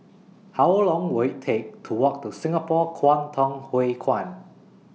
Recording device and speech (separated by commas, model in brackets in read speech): mobile phone (iPhone 6), read sentence